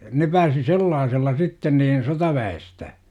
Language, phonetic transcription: Finnish, 'ne pääsi "sellaasella 'sitten niin 'sotavä₍estä .
- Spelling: ne pääsi sellaisella sitten niin sotaväestä

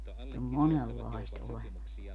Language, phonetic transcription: Finnish, [si]t ‿om "monellaist 'olemas .
- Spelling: sitä on monenlaista olemassa

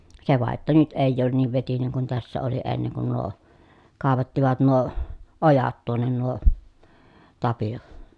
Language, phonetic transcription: Finnish, se vàeʼ ʼettä nyt èij ‿oon niiv vetineŋ kun tässä oli enneŋ kun nuo , kàevattivat nuo , ojat tuonnen nuo , Tapi₍o .
- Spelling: se vain että nyt ei ole niin vetinen kuin tässä oli ennen kuin nuo kaivattivat nuo ojat tuonne nuo Tapio

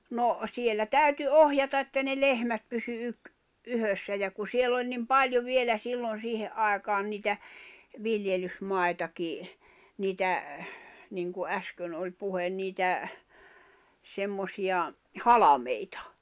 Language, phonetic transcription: Finnish, no , 'siellä "tä̀yty "ohjata että ne "lehmät pysy yk- , 'yhössä ja ku 'siell ‿oĺ nim "paljo 'vielä 'sillon̬ 'siihe’ ’aekaan niitä , 'viljelys'mai̬taki , 'niitä , 'niŋku '’äskön ’oĺ 'puhen niitä , semmosi₍a , "halameita .
- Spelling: no siellä täytyi ohjata että ne lehmät pysyi - yhdessä ja kun siellä oli niin paljon vielä silloin siihen aikaan niitä viljelysmaitakin niitä niin kuin äsken oli puhe niitä semmoisia halmeita

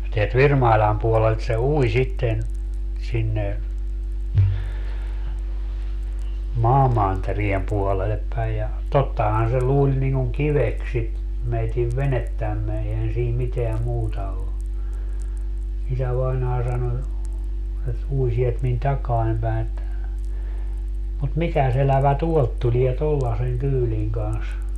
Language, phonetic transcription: Finnish, teält "Virmaiĺàm puolelt se "ui sitten , sinne , "maamanteriem 'puolelep päij ja , 'tottahan se 'luuĺ niŋ kuŋ "kiveks sit 'meitiv "venettämme eihän siim 'miteä 'muuta o , 'isävainaa 'sano , et 'ui sielt min 'takaan päi̮ että , » mut "mikäs ‿elävä "tuolt tulie 'tollaseŋ 'kyyliŋ kans » .
- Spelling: täältä Virmailan puolelta se ui sitten sinne maamantereen puolelle päin ja tottahan se luuli niin kuin kiveksi sitä meidän venettämme eihän siinä mitään muuta ole isävainaja sanoi että ui sieltä minun takaani päin että mutta mikäs elävä tuolta tulee tuollaisen kyydin kanssa

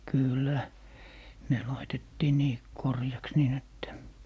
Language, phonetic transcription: Finnish, 'kỳllä , ne 'laitettii 'nii , "korjaks 'niin ‿että .
- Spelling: kyllä ne laitettiin niin koreaksi niin että

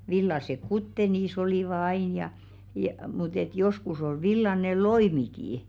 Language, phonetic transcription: Finnish, 'villasek "kutte 'niis ‿olìva ain ja , ja- mut ‿et 'joskus ‿ol 'villane "loimikii .
- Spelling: villaiset kuteet niissä olivat aina ja - mutta että joskus oli villainen loimikin

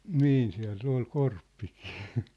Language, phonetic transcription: Finnish, niin siä̭l'l ‿ol "Korppikɪɪ .
- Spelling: niin siellä oli Korppikin

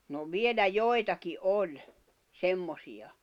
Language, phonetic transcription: Finnish, no 'vielä "joitaki "’oĺ , 'semmosi₍a .
- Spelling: no vielä joitakin oli semmoisia

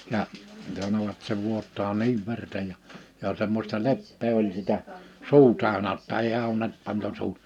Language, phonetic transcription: Finnish, ja , (s)anovat se 'vuot̆taa 'niiv 'verta ja , jà semmosta "leppee oĺ sitä , "suu 'tä̀ö̭nä (jo)tta ei (au₍ent) 'pantu 'suu(t) .
- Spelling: ja sanoivat se vuotaa niin verta ja ja semmoista leppää oli sitä suu täynnä jotta ei auennut pantu suu

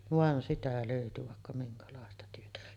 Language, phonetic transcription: Finnish, "van sitä lö̀yty vàekka 'miŋkalàesta 'työtä .
- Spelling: vaan sitä löytyi vaikka minkälaista työtä

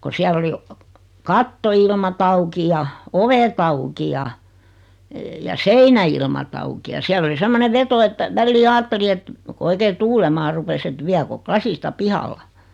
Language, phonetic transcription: Finnish, ko 'siäll ‿oli , "katto₍ilmat 'auki ja , "ovet auki ja , ja "seinä₍ilmat auki ja 'siäl ‿oli 'semmonev "veto että , 'vällii 'aatteli et , ko 'oikee "tuulemaa rupes et 'viäko̳ 'klasista "pihalla .
- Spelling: kun siellä oli kattoilmat auki ja ovet auki ja ja seinäilmat auki ja siellä oli semmoinen veto että väliin ajatteli että kun oikein tuulemaan rupesi että viekö lasista pihalla

